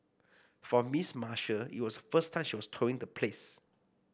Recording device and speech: boundary microphone (BM630), read sentence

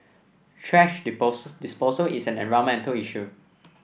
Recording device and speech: boundary microphone (BM630), read sentence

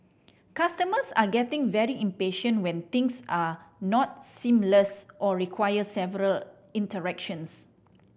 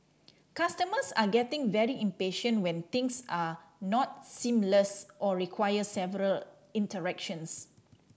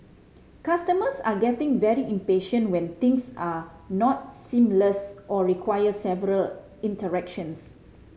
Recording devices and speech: boundary microphone (BM630), standing microphone (AKG C214), mobile phone (Samsung C5010), read sentence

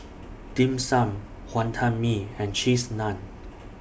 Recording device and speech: boundary microphone (BM630), read sentence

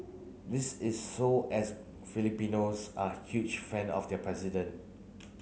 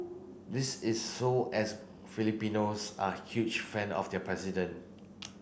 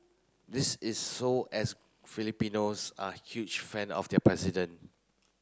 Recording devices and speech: mobile phone (Samsung C9), boundary microphone (BM630), close-talking microphone (WH30), read sentence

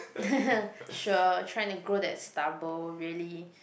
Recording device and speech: boundary microphone, conversation in the same room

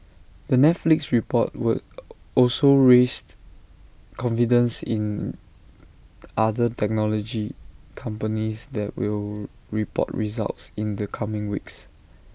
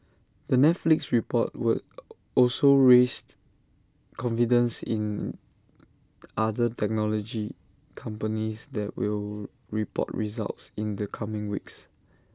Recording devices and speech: boundary microphone (BM630), standing microphone (AKG C214), read sentence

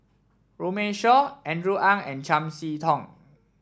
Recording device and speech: standing microphone (AKG C214), read sentence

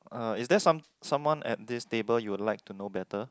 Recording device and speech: close-talking microphone, conversation in the same room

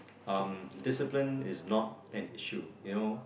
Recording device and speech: boundary microphone, conversation in the same room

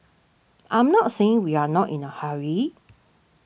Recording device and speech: boundary microphone (BM630), read sentence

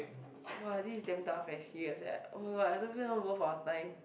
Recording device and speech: boundary microphone, conversation in the same room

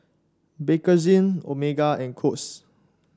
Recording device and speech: standing microphone (AKG C214), read sentence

